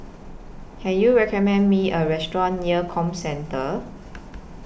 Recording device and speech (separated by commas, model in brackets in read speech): boundary microphone (BM630), read sentence